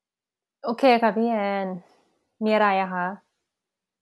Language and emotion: Thai, frustrated